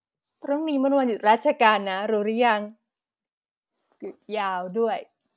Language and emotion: Thai, happy